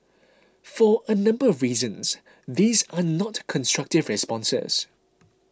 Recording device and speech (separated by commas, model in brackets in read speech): close-talking microphone (WH20), read sentence